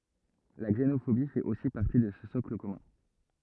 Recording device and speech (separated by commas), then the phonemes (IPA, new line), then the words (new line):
rigid in-ear microphone, read sentence
la ɡzenofobi fɛt osi paʁti də sə sɔkl kɔmœ̃
La xénophobie fait aussi partie de ce socle commun.